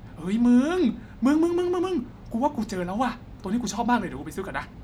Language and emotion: Thai, happy